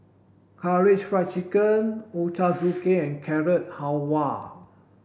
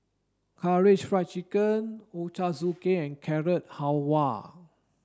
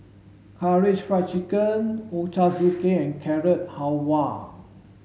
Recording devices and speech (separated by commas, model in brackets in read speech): boundary microphone (BM630), standing microphone (AKG C214), mobile phone (Samsung S8), read sentence